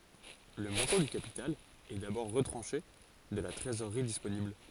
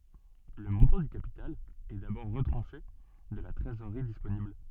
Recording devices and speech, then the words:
forehead accelerometer, soft in-ear microphone, read sentence
Le montant du capital est d'abord retranché de la trésorerie disponible.

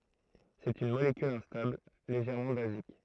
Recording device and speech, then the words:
throat microphone, read sentence
C'est une molécule instable, légèrement basique.

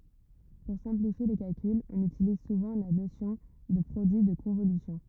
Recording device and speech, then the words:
rigid in-ear microphone, read sentence
Pour simplifier les calculs, on utilise souvent la notion de produit de convolution.

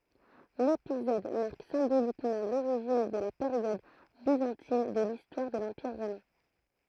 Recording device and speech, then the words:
throat microphone, read sentence
L’épisode marque symboliquement l’origine de la période byzantine de l’histoire de l’Empire romain.

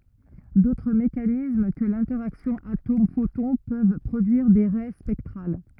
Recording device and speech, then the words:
rigid in-ear microphone, read sentence
D'autres mécanismes que l'interaction atome-photon peuvent produire des raies spectrales.

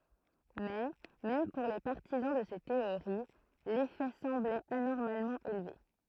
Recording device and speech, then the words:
throat microphone, read sentence
Mais même pour les partisans de ces théories, l'effet semblait anormalement élevé.

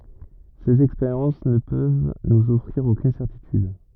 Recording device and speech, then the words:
rigid in-ear microphone, read sentence
Ces expériences ne peuvent nous offrir aucune certitude.

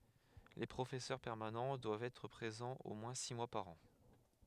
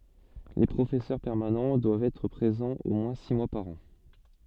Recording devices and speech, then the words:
headset microphone, soft in-ear microphone, read sentence
Les professeurs permanents doivent être présents au moins six mois par an.

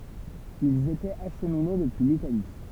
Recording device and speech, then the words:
temple vibration pickup, read sentence
Ils étaient acheminés depuis l'Italie.

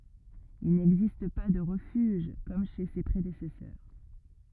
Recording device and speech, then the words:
rigid in-ear microphone, read sentence
Il n'existe pas de refuge comme chez ses prédécesseurs.

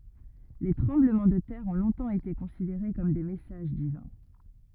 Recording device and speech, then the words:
rigid in-ear microphone, read sentence
Les tremblements de terre ont longtemps été considérés comme des messages divins.

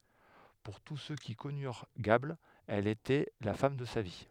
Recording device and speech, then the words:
headset microphone, read sentence
Pour tous ceux qui connurent Gable, elle était la femme de sa vie.

